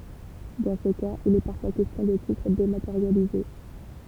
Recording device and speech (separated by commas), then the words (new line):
temple vibration pickup, read sentence
Dans ce cas, il est parfois question de titres dématérialisés.